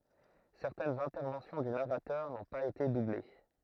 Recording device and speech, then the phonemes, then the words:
throat microphone, read sentence
sɛʁtɛnz ɛ̃tɛʁvɑ̃sjɔ̃ dy naʁatœʁ nɔ̃ paz ete duble
Certaines interventions du narrateur n'ont pas été doublées.

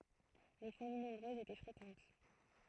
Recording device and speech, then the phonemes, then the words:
throat microphone, read sentence
le famij nɔ̃bʁøzz etɛ fʁekɑ̃t
Les familles nombreuses étaient fréquentes.

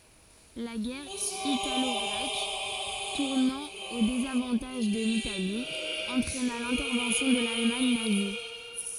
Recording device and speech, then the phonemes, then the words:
forehead accelerometer, read sentence
la ɡɛʁ italɔɡʁɛk tuʁnɑ̃ o dezavɑ̃taʒ də litali ɑ̃tʁɛna lɛ̃tɛʁvɑ̃sjɔ̃ də lalmaɲ nazi
La guerre italo-grecque, tournant au désavantage de l'Italie, entraîna l'intervention de l'Allemagne nazie.

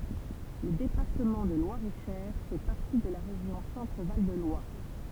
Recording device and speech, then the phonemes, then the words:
temple vibration pickup, read sentence
lə depaʁtəmɑ̃ də lwaʁeʃɛʁ fɛ paʁti də la ʁeʒjɔ̃ sɑ̃tʁval də lwaʁ
Le département de Loir-et-Cher fait partie de la région Centre-Val de Loire.

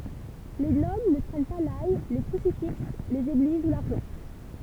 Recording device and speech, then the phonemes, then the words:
temple vibration pickup, read sentence
le nɔbl nə kʁɛɲ pa laj le kʁysifiks lez eɡliz u laʁʒɑ̃
Les Nobles ne craignent pas l'ail, les crucifix, les églises ou l'argent.

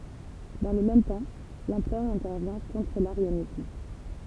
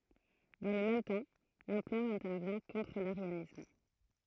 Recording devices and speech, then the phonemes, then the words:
temple vibration pickup, throat microphone, read sentence
dɑ̃ lə mɛm tɑ̃ lɑ̃pʁœʁ ɛ̃tɛʁvjɛ̃ kɔ̃tʁ laʁjanism
Dans le même temps, l'empereur intervient contre l'arianisme.

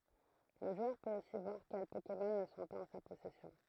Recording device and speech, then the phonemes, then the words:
throat microphone, read sentence
lə ʒwœʁ pøt osi vwaʁ kɛl pokemɔn nə sɔ̃ paz ɑ̃ sa pɔsɛsjɔ̃
Le joueur peut aussi voir quels Pokémon ne sont pas en sa possession.

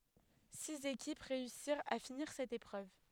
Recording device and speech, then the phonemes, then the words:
headset microphone, read sentence
siz ekip ʁeysiʁt a finiʁ sɛt epʁøv
Six équipes réussirent à finir cette épreuve.

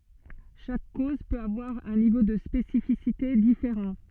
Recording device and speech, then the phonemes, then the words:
soft in-ear microphone, read sentence
ʃak koz pøt avwaʁ œ̃ nivo də spesifisite difeʁɑ̃
Chaque cause peut avoir un niveau de spécificité différent.

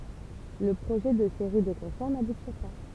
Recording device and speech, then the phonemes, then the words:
temple vibration pickup, read sentence
lə pʁoʒɛ də seʁi də kɔ̃sɛʁ nabuti pa
Le projet de séries de concerts n'aboutit pas.

